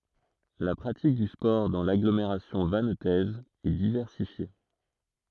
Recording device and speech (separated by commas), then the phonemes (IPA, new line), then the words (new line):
throat microphone, read sentence
la pʁatik dy spɔʁ dɑ̃ laɡlomeʁasjɔ̃ vantɛz ɛ divɛʁsifje
La pratique du sport dans l'agglomération vannetaise est diversifiée.